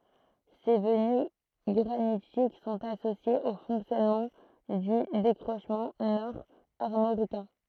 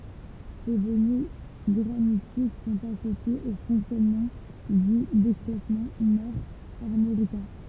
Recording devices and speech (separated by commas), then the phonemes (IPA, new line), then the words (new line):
throat microphone, temple vibration pickup, read sentence
se vəny ɡʁanitik sɔ̃t asosjez o fɔ̃ksjɔnmɑ̃ dy dekʁoʃmɑ̃ nɔʁ aʁmoʁikɛ̃
Ces venues granitiques sont associées au fonctionnement du décrochement nord-armoricain.